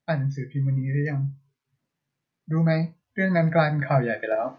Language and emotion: Thai, frustrated